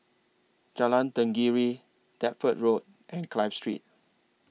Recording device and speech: mobile phone (iPhone 6), read sentence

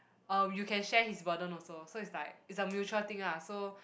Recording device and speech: boundary microphone, conversation in the same room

